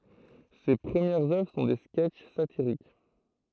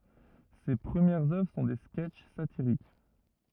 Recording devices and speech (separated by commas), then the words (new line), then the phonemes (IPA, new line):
throat microphone, rigid in-ear microphone, read sentence
Ses premières œuvres sont des sketches satiriques.
se pʁəmjɛʁz œvʁ sɔ̃ de skɛtʃ satiʁik